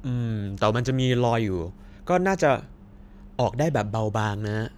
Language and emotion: Thai, neutral